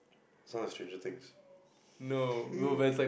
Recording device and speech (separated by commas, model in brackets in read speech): boundary microphone, conversation in the same room